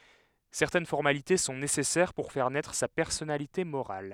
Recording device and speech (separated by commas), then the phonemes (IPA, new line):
headset microphone, read sentence
sɛʁtɛn fɔʁmalite sɔ̃ nesɛsɛʁ puʁ fɛʁ nɛtʁ sa pɛʁsɔnalite moʁal